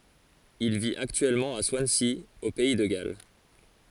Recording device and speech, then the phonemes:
forehead accelerometer, read sentence
il vit aktyɛlmɑ̃ a swansi o pɛi də ɡal

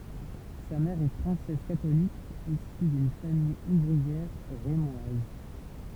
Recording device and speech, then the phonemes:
temple vibration pickup, read sentence
sa mɛʁ ɛ fʁɑ̃sɛz katolik isy dyn famij uvʁiɛʁ ʁemwaz

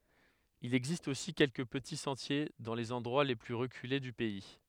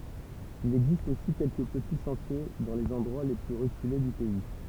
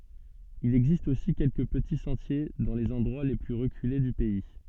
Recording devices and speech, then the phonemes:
headset microphone, temple vibration pickup, soft in-ear microphone, read sentence
il ɛɡzist osi kɛlkə pəti sɑ̃tje dɑ̃ lez ɑ̃dʁwa le ply ʁəkyle dy pɛi

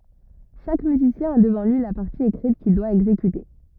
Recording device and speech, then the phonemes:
rigid in-ear microphone, read sentence
ʃak myzisjɛ̃ a dəvɑ̃ lyi la paʁti ekʁit kil dwa ɛɡzekyte

